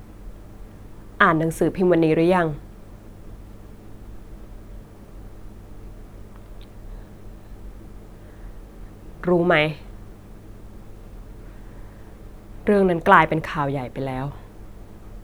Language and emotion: Thai, sad